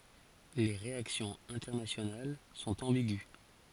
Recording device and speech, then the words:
forehead accelerometer, read sentence
Les réactions internationales sont ambiguës.

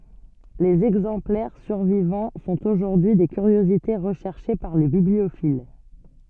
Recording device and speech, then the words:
soft in-ear microphone, read sentence
Les exemplaires survivants sont aujourd'hui des curiosités recherchées par les bibliophiles.

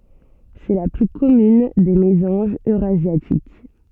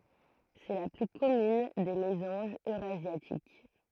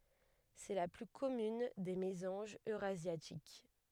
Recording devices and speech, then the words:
soft in-ear microphone, throat microphone, headset microphone, read sentence
C'est la plus commune des mésanges eurasiatiques.

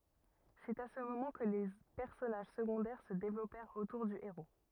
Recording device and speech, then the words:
rigid in-ear microphone, read sentence
C’est à ce moment que les personnages secondaires se développèrent autour du héros.

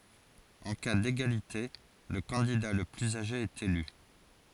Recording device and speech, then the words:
forehead accelerometer, read sentence
En cas d'égalité, le candidat le plus âgé est élu.

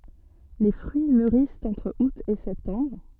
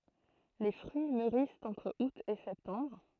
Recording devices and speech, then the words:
soft in-ear microphone, throat microphone, read sentence
Les fruits mûrissent entre août et septembre.

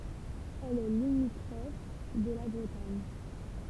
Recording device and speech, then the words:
temple vibration pickup, read sentence
Elle est limitrophe de la Bretagne.

